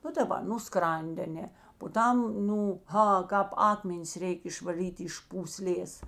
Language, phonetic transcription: Lithuanian, ˈnu daˈba nu ˈskran'd' aˈne po ˈtam ˈnū ˈha ˈkāp ˈakmenis ˈreik' išvaˈlyt' iš pūˈslės

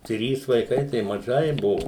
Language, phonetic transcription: Lithuanian, ˈtrys vaiˈkai tai maˈžai ˈbuvo

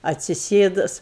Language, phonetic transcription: Lithuanian, atsiˈsėdus

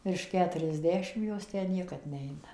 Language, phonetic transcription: Lithuanian, virš ˌketuriasˈdešim ˈjos ˈtę ˈniekad ˈneina

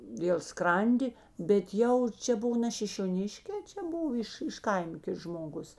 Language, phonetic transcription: Lithuanian, dėl ˈskrandi bet ˈjau ˈčia ˈbuvo ne šišioˈniškė ˈčia ˈbuvo iš iš ˈkaima ˈkits žmoˈgus

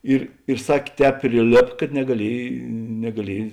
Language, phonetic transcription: Lithuanian, ˈir ir ˈsakė ˈtēp priˈlėp kad negaˈliej negaˈliej

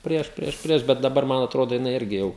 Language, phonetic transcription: Lithuanian, ˈprieš ˈprieš ˈprieš bet daˈbar ˈman atˈrodo jiˈnai ˈirgi jau

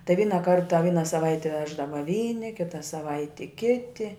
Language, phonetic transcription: Lithuanian, tai ˈvyna ˈkarta ˈvyna saˈvaite ˈveždava ˈvyni ˈkita saˈvaiti ˈkiti

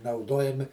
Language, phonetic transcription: Lithuanian, nauˈduojami

